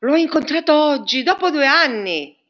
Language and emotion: Italian, surprised